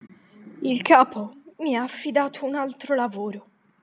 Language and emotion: Italian, sad